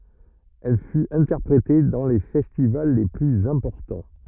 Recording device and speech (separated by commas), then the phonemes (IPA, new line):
rigid in-ear microphone, read sentence
ɛl fyt ɛ̃tɛʁpʁete dɑ̃ le fɛstival le plyz ɛ̃pɔʁtɑ̃